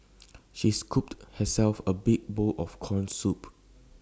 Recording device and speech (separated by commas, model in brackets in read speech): standing microphone (AKG C214), read sentence